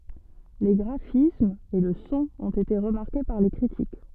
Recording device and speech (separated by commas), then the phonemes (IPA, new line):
soft in-ear microphone, read sentence
le ɡʁafismz e lə sɔ̃ ɔ̃t ete ʁəmaʁke paʁ le kʁitik